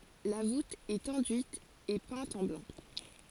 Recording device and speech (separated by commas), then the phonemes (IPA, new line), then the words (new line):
forehead accelerometer, read sentence
la vut ɛt ɑ̃dyit e pɛ̃t ɑ̃ blɑ̃
La voûte est enduite et peinte en blanc.